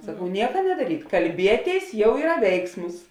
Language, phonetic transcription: Lithuanian, saˈkau ˈnieka nedaˈryt kalˈbieˌtėis ˈjau ˈyra ˈveiksmus

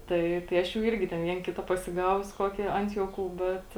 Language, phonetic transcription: Lithuanian, ˈtai tai ˈaš jau ˈirgi ten ˈvien ˈkita pasiˈgavus ˈkokį ˈant juoˌkų ˈbet

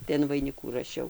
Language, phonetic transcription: Lithuanian, tai an vaiˈnikų raˈšiau

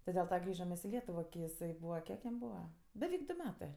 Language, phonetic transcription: Lithuanian, ti del ˈta ˈgrįžam mes i ˈlietuvo ki iˈsai ˈbūva ˈkiek jam ˈbūva beˈveik ˈdu ˈmetɜ

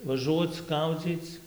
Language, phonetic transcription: Lithuanian, vaˈžuoc ˈgaudzyc

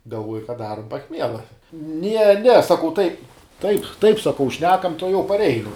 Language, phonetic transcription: Lithuanian, galˈvuoja ka ˈdarum paˈchmiela ne ne saˈkau tai taip taip saˈkau ˈšnekam tuoˈjau parˈeinu

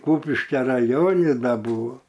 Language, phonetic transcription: Lithuanian, ˈkūpiškia raˈjoni ˈda ˈbūvo

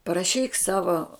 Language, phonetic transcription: Lithuanian, paraˈšyk ˈsavo

